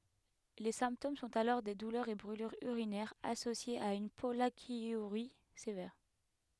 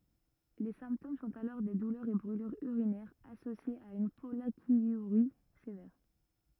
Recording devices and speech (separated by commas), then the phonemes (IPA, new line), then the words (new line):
headset microphone, rigid in-ear microphone, read sentence
le sɛ̃ptom sɔ̃t alɔʁ de dulœʁz e bʁylyʁz yʁinɛʁz asosjez a yn pɔlakjyʁi sevɛʁ
Les symptômes sont alors des douleurs et brûlures urinaires associées à une pollakiurie sévère.